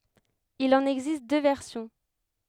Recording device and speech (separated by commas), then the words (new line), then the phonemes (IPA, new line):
headset microphone, read sentence
Il en existe deux versions.
il ɑ̃n ɛɡzist dø vɛʁsjɔ̃